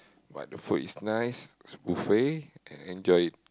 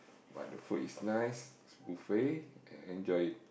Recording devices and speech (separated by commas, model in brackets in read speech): close-talking microphone, boundary microphone, conversation in the same room